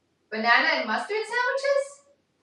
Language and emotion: English, happy